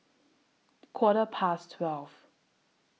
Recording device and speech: mobile phone (iPhone 6), read sentence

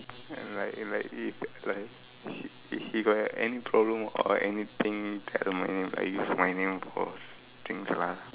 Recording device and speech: telephone, conversation in separate rooms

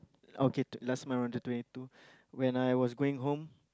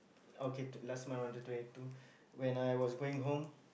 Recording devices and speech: close-talking microphone, boundary microphone, conversation in the same room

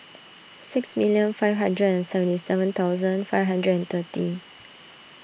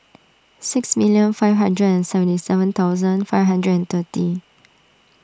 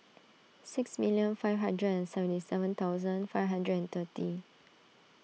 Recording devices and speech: boundary microphone (BM630), standing microphone (AKG C214), mobile phone (iPhone 6), read sentence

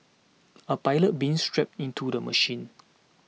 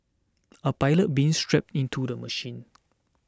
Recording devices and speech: mobile phone (iPhone 6), standing microphone (AKG C214), read sentence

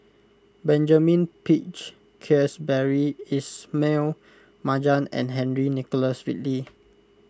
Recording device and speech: close-talking microphone (WH20), read sentence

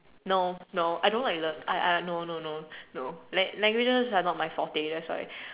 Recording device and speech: telephone, conversation in separate rooms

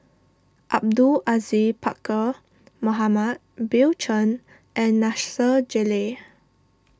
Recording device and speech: standing microphone (AKG C214), read sentence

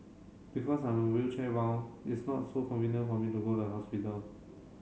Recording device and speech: mobile phone (Samsung C7), read sentence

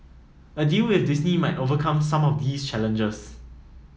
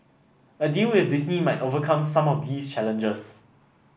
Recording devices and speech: mobile phone (iPhone 7), boundary microphone (BM630), read sentence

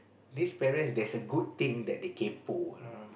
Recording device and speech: boundary microphone, conversation in the same room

